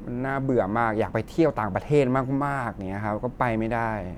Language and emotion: Thai, frustrated